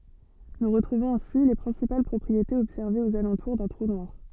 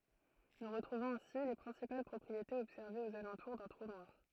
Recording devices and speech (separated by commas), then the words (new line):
soft in-ear microphone, throat microphone, read sentence
Nous retrouvons ainsi les principales propriétés observées aux alentours d'un trou noir.